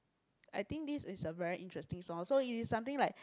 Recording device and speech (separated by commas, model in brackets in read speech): close-talking microphone, conversation in the same room